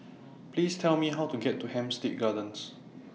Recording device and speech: mobile phone (iPhone 6), read sentence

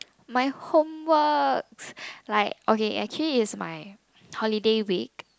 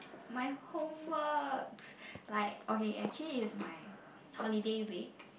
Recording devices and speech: close-talking microphone, boundary microphone, conversation in the same room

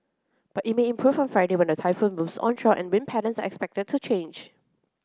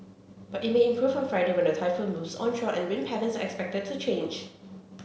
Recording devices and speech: close-talking microphone (WH30), mobile phone (Samsung C7), read sentence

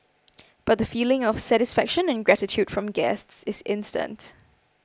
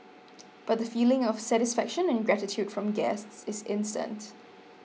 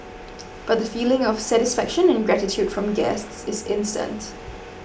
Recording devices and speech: close-talking microphone (WH20), mobile phone (iPhone 6), boundary microphone (BM630), read sentence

